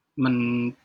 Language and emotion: Thai, sad